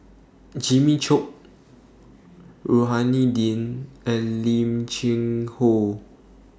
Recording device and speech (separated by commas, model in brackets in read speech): standing microphone (AKG C214), read sentence